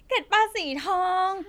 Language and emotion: Thai, happy